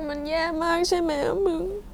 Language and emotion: Thai, sad